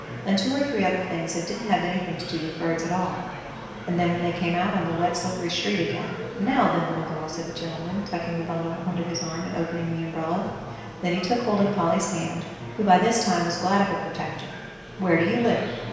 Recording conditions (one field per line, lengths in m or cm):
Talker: one person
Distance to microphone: 1.7 m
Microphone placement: close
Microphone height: 1.0 m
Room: very reverberant, large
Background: babble